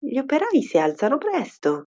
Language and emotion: Italian, surprised